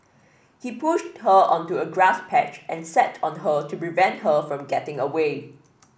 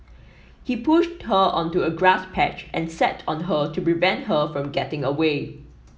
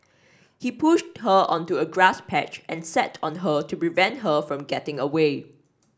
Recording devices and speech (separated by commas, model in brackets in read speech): boundary microphone (BM630), mobile phone (iPhone 7), standing microphone (AKG C214), read sentence